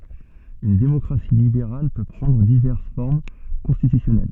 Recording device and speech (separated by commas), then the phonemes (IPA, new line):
soft in-ear microphone, read sentence
yn demɔkʁasi libeʁal pø pʁɑ̃dʁ divɛʁs fɔʁm kɔ̃stitysjɔnɛl